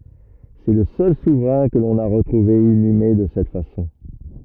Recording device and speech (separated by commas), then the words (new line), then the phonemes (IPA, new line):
rigid in-ear microphone, read sentence
C'est le seul souverain que l'on a retrouvé inhumé de cette façon.
sɛ lə sœl suvʁɛ̃ kə lɔ̃n a ʁətʁuve inyme də sɛt fasɔ̃